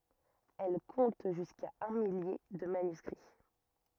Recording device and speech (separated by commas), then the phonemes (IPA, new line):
rigid in-ear microphone, read sentence
ɛl kɔ̃t ʒyska œ̃ milje də manyskʁi